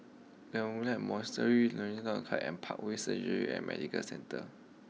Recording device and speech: mobile phone (iPhone 6), read sentence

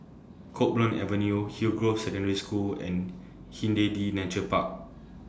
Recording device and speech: standing microphone (AKG C214), read sentence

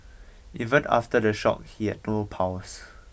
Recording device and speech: boundary microphone (BM630), read sentence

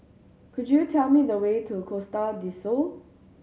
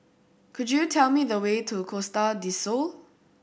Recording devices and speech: mobile phone (Samsung C7100), boundary microphone (BM630), read sentence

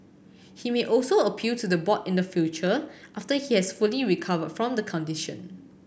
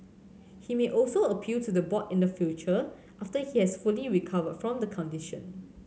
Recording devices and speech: boundary microphone (BM630), mobile phone (Samsung C7100), read sentence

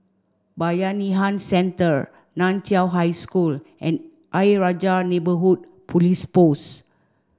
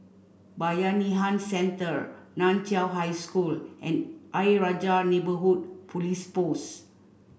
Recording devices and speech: standing microphone (AKG C214), boundary microphone (BM630), read sentence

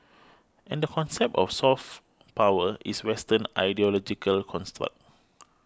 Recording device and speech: close-talking microphone (WH20), read sentence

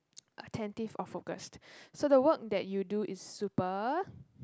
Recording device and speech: close-talking microphone, conversation in the same room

